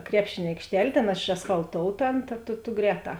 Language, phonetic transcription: Lithuanian, ˈkrepšėn' aikšˈtel' ˈtėn ėšasfalˈtouta ˈan ta tu tu ˈgrēˌtā

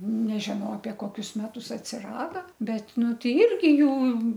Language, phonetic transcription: Lithuanian, ˈnežinau apie ˈkokius ˈmetus atsiˈrada ˈbet ˈnu tei ˈirgi ˈjų

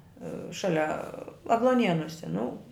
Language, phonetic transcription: Lithuanian, ˈšalia agluoˈnienuose nu

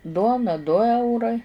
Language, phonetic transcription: Lithuanian, ˈduona ˈdu ˈeurai

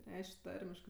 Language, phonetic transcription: Lithuanian, ˈreišk' ˈtarmiškɜ

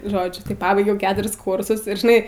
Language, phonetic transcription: Lithuanian, ˈžodžiu tai paˈbaigiau ˈketuris ˈkursus ir žiˈnai

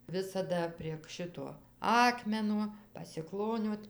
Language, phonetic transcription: Lithuanian, ˈvisada prieg ˈšito ˈakmeno pasiˈkloniot

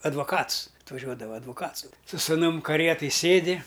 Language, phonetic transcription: Lithuanian, advaˈkats atvaˈžiuodava advuˈkats su su suˈnum kaˈrietaj ˈsėdi

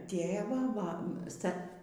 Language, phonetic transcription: Lithuanian, ˈtėvą va ˈsta

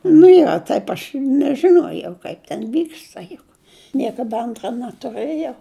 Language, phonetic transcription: Lithuanian, nu ˈjo ˈtaip aš nežiˈnojau ˈkaip ten ˈvyksta juk niekaˈda ˈantra natuˈrɘjau

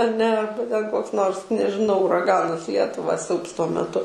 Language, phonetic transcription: Lithuanian, aˈne ˈarba ten ˈkoks ˈnors nežiˈnau uraˈganas ˈlietuva ˈsiaubs tuo meˈtu

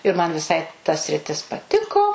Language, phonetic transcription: Lithuanian, ir man viˈsai ta sriˈtis paˈtiko

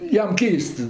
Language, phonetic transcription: Lithuanian, ˈjam ˈkeist

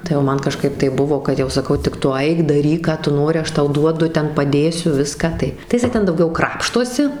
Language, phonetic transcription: Lithuanian, tai o ˈman kaˈžkaip tai ˈbuvo kad jau saˈkau tik ˈtu ˈaik daˈryk ˈką tu ˈnori ˈaš ˈtau ˈduodu ˈten paˈdėsiu ˈviską tai jiˈsai ˈten dauˈgiau ˈkrapštosi

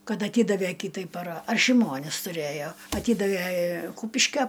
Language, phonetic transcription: Lithuanian, ˈkad aˈtydave ˈkytai para ar šiˈmonis tuˈrėjo aˈtydave ˈkūpiškia

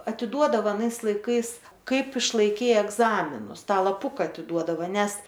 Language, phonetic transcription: Lithuanian, atiˈduodava aˈnais laiˈkais ˈkaip išlaiˈkei egˈzaminus ˈtą laˈpuka atiˈduodavo ˈnes

